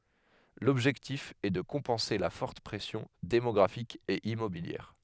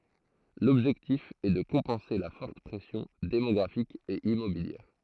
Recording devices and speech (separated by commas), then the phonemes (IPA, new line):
headset microphone, throat microphone, read sentence
lɔbʒɛktif ɛ də kɔ̃pɑ̃se la fɔʁt pʁɛsjɔ̃ demɔɡʁafik e immobiljɛʁ